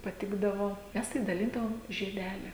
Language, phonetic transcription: Lithuanian, paˈtikdavo ˈmes tai daˈlindavom žieˈdeli

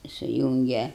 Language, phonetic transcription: Lithuanian, suˈjūnge

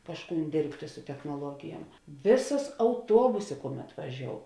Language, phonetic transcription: Lithuanian, ˈkažˌkūn ˈdėrbtė su technoˈluogijuom ˈvėˌsas auˈtuobusė ˈkuˌmet vaˈžiou

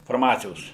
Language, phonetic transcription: Lithuanian, farˈmacijos

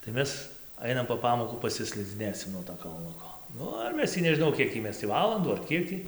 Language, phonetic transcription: Lithuanian, tai ˈmes ˈainam po ˈpamokų pasislidziˈnėsim nuo to kalˈnuko ˈnu ir ˈmes tį nežiˈnau ˈkiek tį ˈmes tį ˈvalandų ar ˈkiek tį

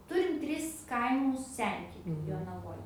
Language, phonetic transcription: Lithuanian, ˈturim ˈtris ˈkaimus ˈsentikių jonaˈvoj

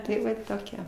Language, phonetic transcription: Lithuanian, tai ˈva toˈkie

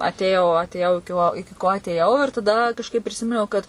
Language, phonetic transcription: Lithuanian, atėˈjau atėˈjau iki ˈko iki ˈko atėˈjau ir taˈda kažˈkaip priˈsiminiau kad

